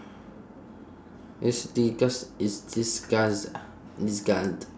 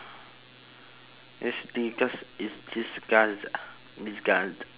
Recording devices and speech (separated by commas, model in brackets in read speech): standing microphone, telephone, conversation in separate rooms